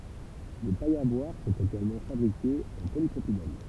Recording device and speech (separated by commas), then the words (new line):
temple vibration pickup, read sentence
Des pailles à boire sont également fabriquées en polypropylène.